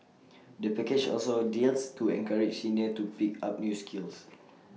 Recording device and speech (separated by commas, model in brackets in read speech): mobile phone (iPhone 6), read sentence